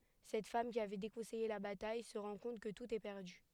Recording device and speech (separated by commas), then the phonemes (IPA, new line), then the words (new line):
headset microphone, read sentence
sɛt fam ki avɛ dekɔ̃sɛje la bataj sə ʁɑ̃ kɔ̃t kə tut ɛ pɛʁdy
Cette femme, qui avait déconseillé la bataille, se rend compte que tout est perdu.